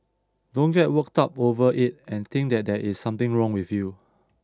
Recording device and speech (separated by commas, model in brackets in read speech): standing microphone (AKG C214), read sentence